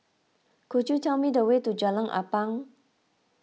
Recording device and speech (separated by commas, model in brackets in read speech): mobile phone (iPhone 6), read sentence